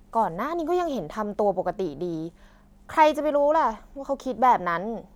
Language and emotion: Thai, neutral